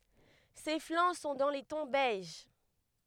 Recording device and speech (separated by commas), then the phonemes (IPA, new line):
headset microphone, read sentence
se flɑ̃ sɔ̃ dɑ̃ le tɔ̃ bɛʒ